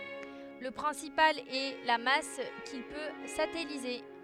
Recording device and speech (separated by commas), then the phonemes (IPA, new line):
headset microphone, read sentence
lə pʁɛ̃sipal ɛ la mas kil pø satɛlize